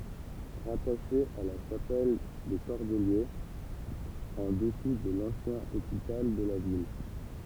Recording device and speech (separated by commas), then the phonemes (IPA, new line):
temple vibration pickup, read sentence
ʁataʃe a la ʃapɛl de kɔʁdəljez ɑ̃ dəsu də lɑ̃sjɛ̃ opital də la vil